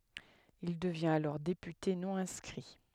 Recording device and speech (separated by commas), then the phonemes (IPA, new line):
headset microphone, read sentence
il dəvjɛ̃t alɔʁ depyte nɔ̃ ɛ̃skʁi